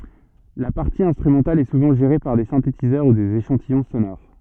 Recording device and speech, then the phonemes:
soft in-ear microphone, read sentence
la paʁti ɛ̃stʁymɑ̃tal ɛ suvɑ̃ ʒeʁe paʁ de sɛ̃tetizœʁ u dez eʃɑ̃tijɔ̃ sonoʁ

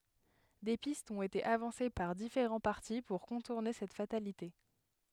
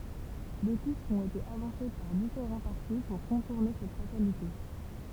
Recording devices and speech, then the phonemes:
headset microphone, temple vibration pickup, read sentence
de pistz ɔ̃t ete avɑ̃se paʁ difeʁɑ̃ paʁti puʁ kɔ̃tuʁne sɛt fatalite

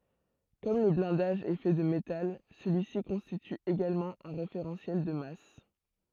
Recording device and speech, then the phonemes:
throat microphone, read sentence
kɔm lə blɛ̃daʒ ɛ fɛ də metal səlyi si kɔ̃stity eɡalmɑ̃ œ̃ ʁefeʁɑ̃sjɛl də mas

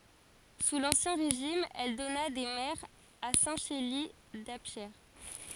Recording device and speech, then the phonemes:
forehead accelerometer, read sentence
su lɑ̃sjɛ̃ ʁeʒim ɛl dɔna de mɛʁz a sɛ̃ ʃeli dapʃe

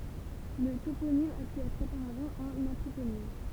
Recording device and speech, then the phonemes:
temple vibration pickup, read sentence
lə toponim a py ɛtʁ opaʁavɑ̃ œ̃n ɑ̃tʁoponim

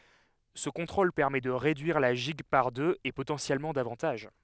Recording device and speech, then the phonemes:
headset microphone, read sentence
sə kɔ̃tʁol pɛʁmɛ də ʁedyiʁ la ʒiɡ paʁ døz e potɑ̃sjɛlmɑ̃ davɑ̃taʒ

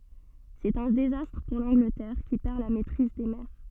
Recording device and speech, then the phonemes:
soft in-ear microphone, read sentence
sɛt œ̃ dezastʁ puʁ lɑ̃ɡlətɛʁ ki pɛʁ la mɛtʁiz de mɛʁ

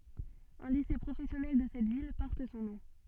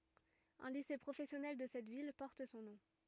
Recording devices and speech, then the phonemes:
soft in-ear microphone, rigid in-ear microphone, read sentence
œ̃ lise pʁofɛsjɔnɛl də sɛt vil pɔʁt sɔ̃ nɔ̃

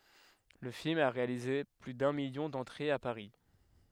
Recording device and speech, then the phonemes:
headset microphone, read sentence
lə film a ʁealize ply dœ̃ miljɔ̃ dɑ̃tʁez a paʁi

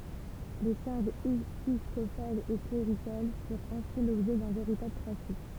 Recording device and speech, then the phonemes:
temple vibration pickup, read sentence
le ʃaʁʒz episkopalz e kleʁikal fyʁt ɛ̃si lɔbʒɛ dœ̃ veʁitabl tʁafik

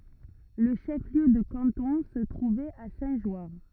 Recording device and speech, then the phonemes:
rigid in-ear microphone, read sentence
lə ʃəfliø də kɑ̃tɔ̃ sə tʁuvɛt a sɛ̃tʒwaʁ

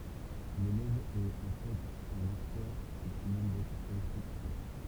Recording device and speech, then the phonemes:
temple vibration pickup, read sentence
lelɛv ɛt ɑ̃ fɛt œ̃n aktœʁ ki simyl dɛtʁ elɛktʁokyte

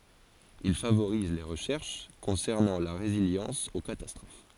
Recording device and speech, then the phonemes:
forehead accelerometer, read sentence
il favoʁize le ʁəʃɛʁʃ kɔ̃sɛʁnɑ̃ la ʁeziljɑ̃s o katastʁof

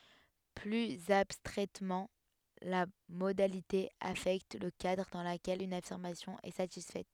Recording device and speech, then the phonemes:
headset microphone, read sentence
plyz abstʁɛtmɑ̃ la modalite afɛkt lə kadʁ dɑ̃ ləkɛl yn afiʁmasjɔ̃ ɛ satisfɛt

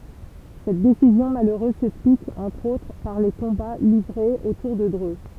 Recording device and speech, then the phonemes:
temple vibration pickup, read sentence
sɛt desizjɔ̃ maløʁøz sɛksplik ɑ̃tʁ otʁ paʁ le kɔ̃ba livʁez otuʁ də dʁø

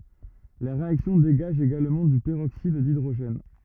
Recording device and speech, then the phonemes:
rigid in-ear microphone, read sentence
la ʁeaksjɔ̃ deɡaʒ eɡalmɑ̃ dy pəʁoksid didʁoʒɛn

